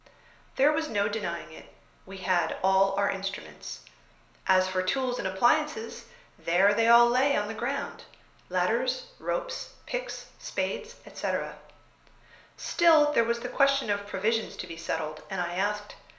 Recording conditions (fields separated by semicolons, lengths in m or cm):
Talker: one person; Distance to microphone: 1.0 m; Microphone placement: close; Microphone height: 1.1 m; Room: small (3.7 m by 2.7 m); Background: none